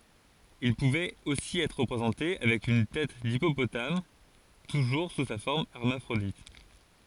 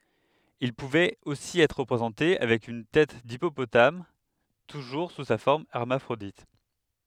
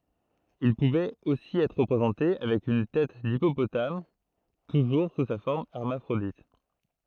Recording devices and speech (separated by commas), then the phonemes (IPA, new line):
forehead accelerometer, headset microphone, throat microphone, read sentence
il puvɛt osi ɛtʁ ʁəpʁezɑ̃te avɛk yn tɛt dipopotam tuʒuʁ su sa fɔʁm ɛʁmafʁodit